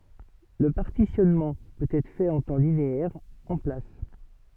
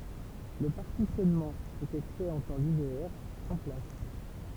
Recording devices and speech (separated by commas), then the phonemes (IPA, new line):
soft in-ear microphone, temple vibration pickup, read sentence
lə paʁtisjɔnmɑ̃ pøt ɛtʁ fɛt ɑ̃ tɑ̃ lineɛʁ ɑ̃ plas